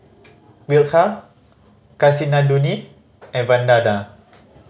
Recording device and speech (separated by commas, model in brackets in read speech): mobile phone (Samsung C5010), read sentence